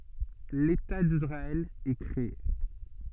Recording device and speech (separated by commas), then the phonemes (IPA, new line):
soft in-ear microphone, read sentence
leta disʁaɛl ɛ kʁee